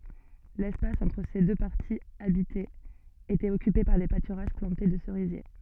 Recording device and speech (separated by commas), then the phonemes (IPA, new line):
soft in-ear microphone, read sentence
lɛspas ɑ̃tʁ se dø paʁtiz abitez etɛt ɔkype paʁ de patyʁaʒ plɑ̃te də səʁizje